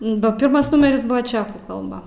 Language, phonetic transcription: Lithuanian, ba ˈpirmas ˈnumeris ˈbuvo ˈčekų kalˈba

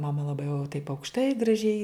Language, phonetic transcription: Lithuanian, maˈma laˈbai jau taip aukšˈtai graˈžiai

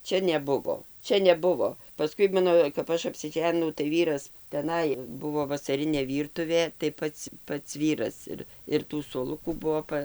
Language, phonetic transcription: Lithuanian, ˈčia neˈbuvo ˈčia neˈbuvo paˈskui ˈmano kap ˈaš apsiˈženinau tai ˈvyras teˈnai ˈbuvo vasaˈrinė ˈvyrtuvė tai ˈpats ˈpats ˈvyras ir ir ˈtų suoˈlukų ˈbuvo ˈpa

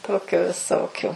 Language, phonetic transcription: Lithuanian, ˈtokiu viˈsokiu

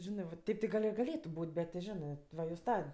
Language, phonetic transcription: Lithuanian, ˈžinɜ va ˈteip ti ˈgal' i gaˈlėtu ˈbūt' bet ti ˈžinɜ va jos ˈta

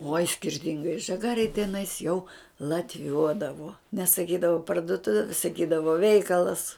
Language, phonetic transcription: Lithuanian, oj skirˈtingai žaˈgarėj teˈnais jau latˈviuodavo nesaˈkydavo parduˈtuvė saˈkydavo ˈveikalas

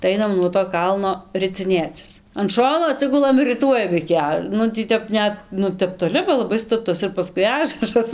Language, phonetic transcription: Lithuanian, tai ˈainam nuo to ˈkalno riciˈnėcis an ˈšono aˈtsigulam ir riˈtuojam iki ˈa ˈnu tį ˈtep ˈnet ˈnu ˈtep toˈli ba laˈbai staˈtus ir paˈskui ˈažaras

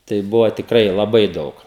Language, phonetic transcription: Lithuanian, tai ˈbuvo tikˈrai laˈbai ˈdaug

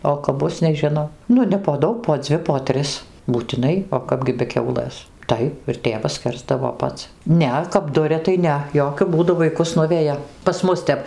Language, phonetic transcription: Lithuanian, o kap ˈbus neˈžinau ˈnu ne po ˈdaug po ˈdzvi po ˈtris būtiˈnai o ˈkapgi be ˈkiaulɘs ˈtaip ir ˈtėvas ˈskersdavo ˈpats ˈne kap ˈduria tai ˈne ˈjokiu ˈbūdu vaiˈkus ˈnuveja pas ˈmus tep

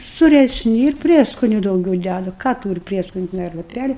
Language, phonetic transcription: Lithuanian, suresˈni ir ˈprieskoniu dauˈgiau ˈdædu ˈką ˈtūri ˈprieskoniu teˈnai ar laˈpæli

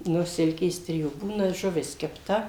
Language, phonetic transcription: Lithuanian, ˈnu ˈsilkės ˈtrijų ˈbūna žuˈvis kepˈta

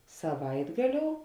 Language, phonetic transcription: Lithuanian, saˈvaitgaˌliou

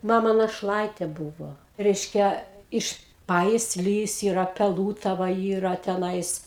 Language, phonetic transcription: Lithuanian, ˈmama našˈlaitė ˈbūvo ˈreiškia ˈiš ˌpajisˈlys ˈyra peˈlūtava ˈyra teˈnais

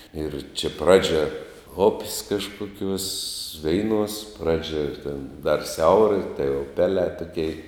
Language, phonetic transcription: Lithuanian, ir čia ˈpradžia up's' kažkuˈkiuos ˈveiˌnuos ˈpradžia ten dar ˈsiaura tai uˈpelē tuˈkei

